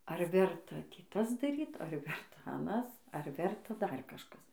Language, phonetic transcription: Lithuanian, ar ˈverta ˈtį ˈtas daˈryt ar ˈverta aˈnas ar ˈverta ˈdar kažˈkas

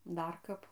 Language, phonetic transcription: Lithuanian, ˈdar ˈkap

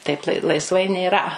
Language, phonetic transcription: Lithuanian, ˈtaip lai laisˈvai nėˈra

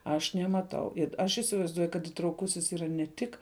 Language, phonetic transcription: Lithuanian, aš nemaˈtau it ˈaš isivaizˈduoju kad itrauˈkusis ˈyra ne ˈtik

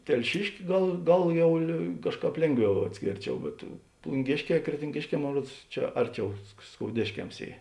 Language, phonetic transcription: Lithuanian, telˈšiški ˈgal ˈgal ˈjau lė ˈkažˌkāp ˈlėnˌgviau atˈskėrˌčiau bet plunˈgėšˌkē kretinˈgėšˌkē ˈmon ˈruods ˈčia ˈarˌčiau sk skouˈdėškems ˈy

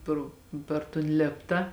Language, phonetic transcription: Lithuanian, ˈpro per ton ˈlėpta

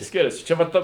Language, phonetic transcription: Lithuanian, ˈskiriasi ˈčia va ˈta

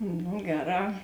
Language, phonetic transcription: Lithuanian, nu ˈgeˌrā

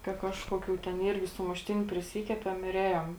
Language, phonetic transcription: Lithuanian, ka ˈkažkoˌkių ten ˈyrgi sumušˈtiniu priˈsykepem ir ˈėjom

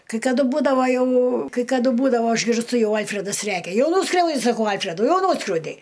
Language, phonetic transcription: Lithuanian, kai kaˈduˈ būdava jau kai kaˈdu ˈbūdavo išgirsˈtu ˈjau ˈalfredas ˈrækia ˈjau ˈnūskriaudi saˈkau ˈalfredu ˈjau ˈnūskriaudei

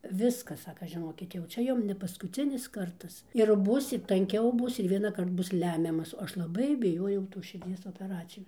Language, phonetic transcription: Lithuanian, ˈviskas ˈsaka žiˈnokit jau ˈčia ˈjum ne paskuˈcinis ˈkartas ir ˈbūsit tanˈkiau ˈbus ir vienąˈkart ˈbus ˈlemiamas o ˈaš laˈbai biˈjojau tos širˈdzies opeˈracijos

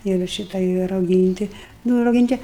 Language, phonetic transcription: Lithuanian, ir ˈšyta i rauˈgynti ˈnu rauˈgynti

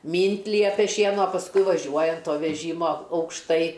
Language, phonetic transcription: Lithuanian, ˈmynt' ˈliepia ˈšiena o pasˈkui vaˈžiuoji an ˈto veˈžymo aukšˈtai

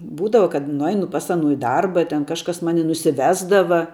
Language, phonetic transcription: Lithuanian, ˈbūdava kad nuˈainu pas ˈanu i ˈdarba ˈten ˈkažkas ˈmani nusiˈvesdava

